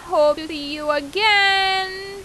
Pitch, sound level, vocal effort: 380 Hz, 94 dB SPL, very loud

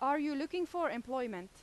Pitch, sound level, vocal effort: 285 Hz, 91 dB SPL, loud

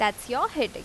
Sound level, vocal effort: 88 dB SPL, normal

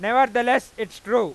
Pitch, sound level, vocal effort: 240 Hz, 105 dB SPL, very loud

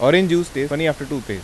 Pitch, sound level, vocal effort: 145 Hz, 91 dB SPL, normal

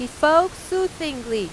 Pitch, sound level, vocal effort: 305 Hz, 95 dB SPL, very loud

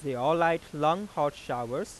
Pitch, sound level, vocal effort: 150 Hz, 96 dB SPL, normal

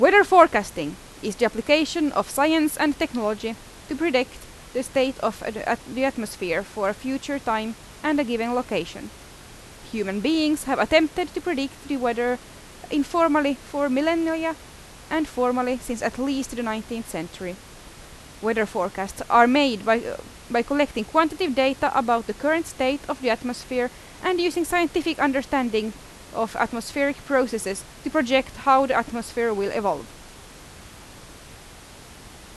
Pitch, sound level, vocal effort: 260 Hz, 88 dB SPL, very loud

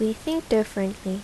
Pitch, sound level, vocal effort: 220 Hz, 77 dB SPL, normal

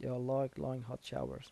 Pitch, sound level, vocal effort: 130 Hz, 78 dB SPL, soft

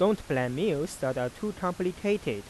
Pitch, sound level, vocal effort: 180 Hz, 91 dB SPL, normal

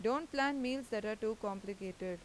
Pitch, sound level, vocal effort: 220 Hz, 89 dB SPL, loud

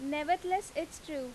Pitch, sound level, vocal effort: 310 Hz, 89 dB SPL, loud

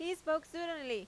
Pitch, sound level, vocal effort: 320 Hz, 91 dB SPL, very loud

